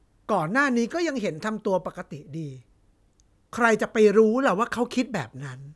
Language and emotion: Thai, frustrated